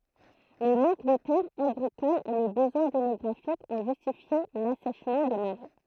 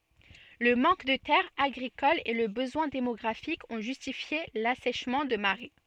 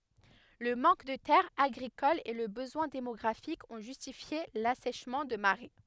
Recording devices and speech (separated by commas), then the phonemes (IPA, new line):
throat microphone, soft in-ear microphone, headset microphone, read sentence
lə mɑ̃k də tɛʁz aɡʁikolz e lə bəzwɛ̃ demɔɡʁafik ɔ̃ ʒystifje lasɛʃmɑ̃ də maʁɛ